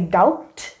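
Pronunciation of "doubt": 'doubt' is pronounced incorrectly here, with the b sounded, even though the b should be silent.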